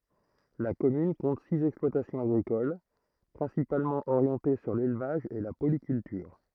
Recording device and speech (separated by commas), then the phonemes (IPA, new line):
throat microphone, read sentence
la kɔmyn kɔ̃t siz ɛksplwatasjɔ̃z aɡʁikol pʁɛ̃sipalmɑ̃ oʁjɑ̃te syʁ lelvaʒ e la polikyltyʁ